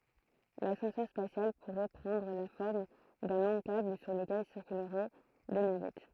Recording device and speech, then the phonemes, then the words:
throat microphone, read sentence
lasɑ̃sœʁ spasjal puʁɛ pʁɑ̃dʁ la fɔʁm dœ̃ lɔ̃ kabl syʁ ləkɛl siʁkylʁɛ de navɛt
L'ascenseur spatial pourrait prendre la forme d'un long câble sur lequel circuleraient des navettes.

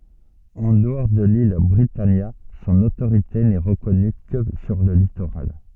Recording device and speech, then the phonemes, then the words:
soft in-ear microphone, read sentence
ɑ̃ dəɔʁ də lil bʁitanja sɔ̃n otoʁite nɛ ʁəkɔny kə syʁ lə litoʁal
En dehors de l'île Britannia, son autorité n'est reconnue que sur le littoral.

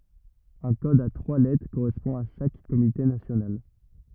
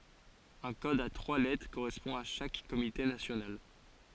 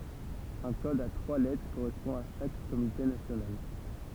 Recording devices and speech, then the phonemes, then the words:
rigid in-ear microphone, forehead accelerometer, temple vibration pickup, read sentence
œ̃ kɔd a tʁwa lɛtʁ koʁɛspɔ̃ a ʃak komite nasjonal
Un code à trois lettres correspond à chaque comité national.

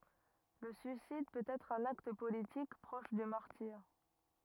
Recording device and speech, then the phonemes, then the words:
rigid in-ear microphone, read sentence
lə syisid pøt ɛtʁ œ̃n akt politik pʁɔʃ dy maʁtiʁ
Le suicide peut être un acte politique, proche du martyre.

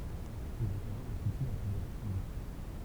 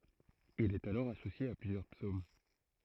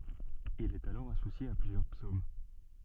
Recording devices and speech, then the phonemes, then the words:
temple vibration pickup, throat microphone, soft in-ear microphone, read sentence
il ɛt alɔʁ asosje a plyzjœʁ psom
Il est alors associé à plusieurs psaumes.

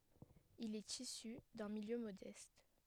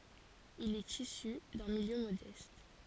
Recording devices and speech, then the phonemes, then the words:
headset microphone, forehead accelerometer, read sentence
il ɛt isy dœ̃ miljø modɛst
Il est issu d'un milieu modeste.

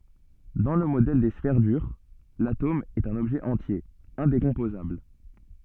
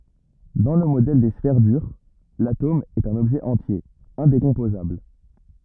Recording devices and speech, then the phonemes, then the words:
soft in-ear microphone, rigid in-ear microphone, read sentence
dɑ̃ lə modɛl de sfɛʁ dyʁ latom ɛt œ̃n ɔbʒɛ ɑ̃tje ɛ̃dekɔ̃pozabl
Dans le modèle des sphères dures, l’atome est un objet entier, indécomposable.

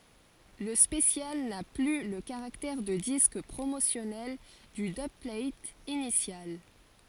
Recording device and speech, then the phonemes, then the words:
forehead accelerometer, read sentence
lə spəsjal na ply lə kaʁaktɛʁ də disk pʁomosjɔnɛl dy dybplat inisjal
Le special n'a plus le caractère de disque promotionnel du dubplate initial.

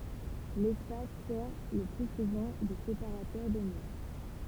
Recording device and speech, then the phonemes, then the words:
temple vibration pickup, read sentence
lɛspas sɛʁ lə ply suvɑ̃ də sepaʁatœʁ də mo
L’espace sert le plus souvent de séparateur de mots.

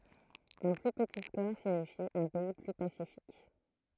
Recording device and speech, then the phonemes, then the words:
throat microphone, read sentence
œ̃ ply pəti skɔʁ siɲifi œ̃ pɛi ply pasifik
Un plus petit score signifie un pays plus pacifique.

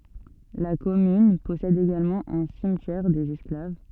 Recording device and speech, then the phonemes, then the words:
soft in-ear microphone, read sentence
la kɔmyn pɔsɛd eɡalmɑ̃ œ̃ simtjɛʁ dez ɛsklav
La commune possède également un cimetière des Esclaves.

